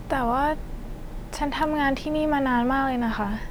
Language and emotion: Thai, frustrated